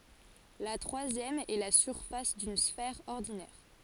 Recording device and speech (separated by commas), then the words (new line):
forehead accelerometer, read sentence
La troisième est la surface d'une sphère ordinaire.